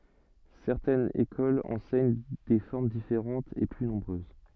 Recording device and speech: soft in-ear microphone, read sentence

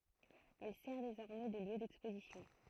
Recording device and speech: throat microphone, read sentence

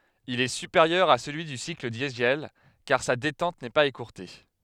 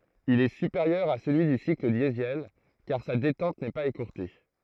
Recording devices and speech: headset microphone, throat microphone, read sentence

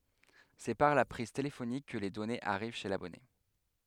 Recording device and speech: headset microphone, read sentence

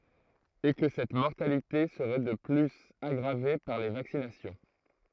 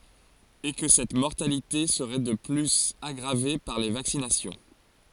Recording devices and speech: throat microphone, forehead accelerometer, read sentence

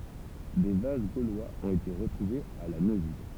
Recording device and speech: temple vibration pickup, read sentence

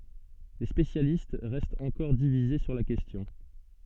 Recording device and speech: soft in-ear microphone, read sentence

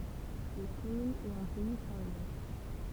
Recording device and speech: temple vibration pickup, read sentence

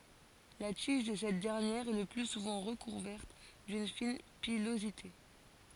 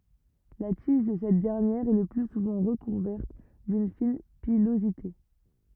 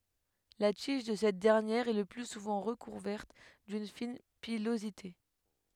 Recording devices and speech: forehead accelerometer, rigid in-ear microphone, headset microphone, read sentence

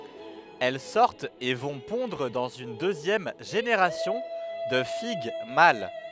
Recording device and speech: headset microphone, read sentence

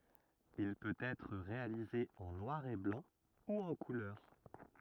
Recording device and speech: rigid in-ear microphone, read sentence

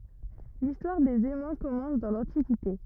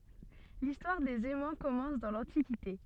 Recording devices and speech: rigid in-ear microphone, soft in-ear microphone, read sentence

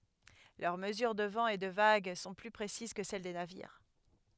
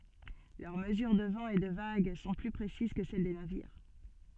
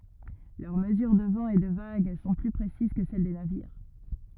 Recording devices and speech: headset microphone, soft in-ear microphone, rigid in-ear microphone, read sentence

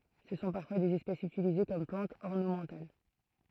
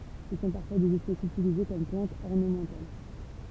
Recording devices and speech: throat microphone, temple vibration pickup, read sentence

